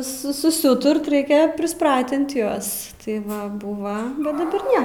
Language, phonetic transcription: Lithuanian, ˈsu susiˈūturt ˈ reikia prisˈpratint ˈjuos tai ˈva ˈbūva bet daˈbar ˈne

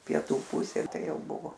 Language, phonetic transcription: Lithuanian, pieˈtų ˈpusė ˈtai ˈjau ˈbuvo

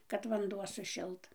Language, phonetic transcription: Lithuanian, kad vanˈduo suˈšilt

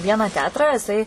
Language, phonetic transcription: Lithuanian, ˈvieną ˈteatrą jiˈsai

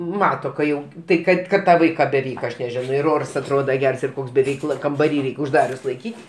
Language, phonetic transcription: Lithuanian, ˈmato ka ˈjau ˈtai ˈkad kad ˈtą ˈvaiką beˈveik aš neˈženo ir ˈors atˈroda ˈgers ir ˈkoks be ˈveikla kambaˈry ˈreik' užˈdarius laiˈkyt'

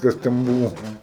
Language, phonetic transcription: Lithuanian, ˈkas ten ˈbuvo ˈką

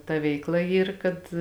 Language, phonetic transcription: Lithuanian, ta ˈveikˌla ˈyr kad

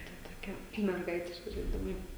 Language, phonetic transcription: Lithuanian, ta toˈkia merˈgaitiški žaiˈdimai

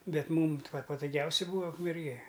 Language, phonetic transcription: Lithuanian, ˈbet ˈmūm t va patuˈgiausia ˈbūa ukmerˈgė

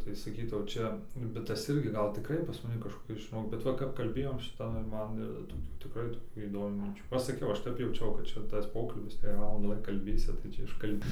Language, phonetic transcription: Lithuanian, tai saˈkytau ˈčia bet ˈtas ˈirgi ˈgal tiˈkrai pas maˈni kažkoˈkis žiˈnok bet ˈva kap kalˈbėjom ˈšita ir ˈman toˈkių tiˈkrai toˈkių įdoˈmių minˈčių ˈaš saˈkiau ˈaš ˈtep jauˈčiau kad ˈčia tas ˈpokalbis tai jei ˈvalandą ˈva kalˈbėsi tai ˈčia iškalˈbi

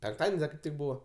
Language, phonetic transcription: Lithuanian, penkˈtaden's' da kaip ˈtik ˈbūva

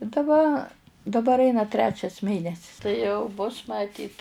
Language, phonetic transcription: Lithuanian, i daˈba daˈbar ˈaina ˈtrečias ˈmėnesis tai ˈjau bus maˈtyt

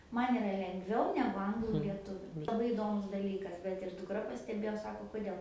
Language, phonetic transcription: Lithuanian, ˈman iˈra lengˈviau negu ˈanglų lieˈtuviu laˈbai iˈdomus daˈlykas bet ir dukˈra pasteˈbėjo ˈsako kuˈdėl

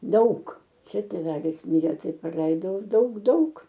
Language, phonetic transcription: Lithuanian, ˈdaug ˈčia tėˈvelis ˈmirė ˈtai praˈleidau ˈdaug ˈdaug

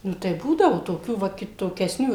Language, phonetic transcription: Lithuanian, ˈnu tai ˈbūdavu toˈkių ˈva kitokesˈnių

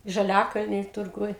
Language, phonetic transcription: Lithuanian, žaˈliakalny turˈguj

